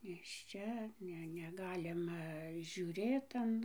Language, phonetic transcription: Lithuanian, nėšˈčia ˈne neˈgalima žiūˈrėt an

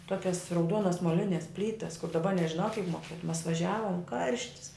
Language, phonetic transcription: Lithuanian, ˈtuokias rauˈduonas moˈlines ˈplytas kur daˈba nežiˈnau kiek moˈkietum mas vaˈžiavom ˈkarštis

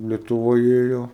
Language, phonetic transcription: Lithuanian, lietuˈvoj ˈėjo

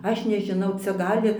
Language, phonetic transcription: Lithuanian, ˈaš nežiˈnau ˈcia ˈgali

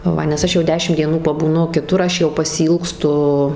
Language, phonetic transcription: Lithuanian, ˈva nes ˈaš jau ˈdešim ˈdienų pabūˈnu kiˈtur ˈaš jau pasiˈylgstu

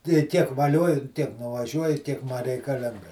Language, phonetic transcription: Lithuanian, tai ˈtiek vaˈlioju ˈtiek nuvaˈžiuoju ˈtiek ma reikaˈlinga

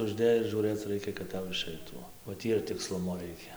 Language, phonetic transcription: Lithuanian, užˈdėjus žūˈrɘc ˈraikia kad ˈtau iˈšaitų ˈo o ˈtį ir tikˈslumo ˈraikia

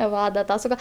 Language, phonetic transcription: Lithuanian, ˈva da ˈtą suˈga

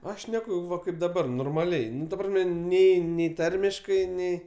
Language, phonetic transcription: Lithuanian, ˈaš ˈšneku ˈva ˈkaip daˈbar normaˈliai ˈnu ta ˈprasme ˈnei nei ˈtarmiškai ˈnei

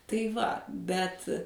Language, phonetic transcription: Lithuanian, tai ˈva ˈbet

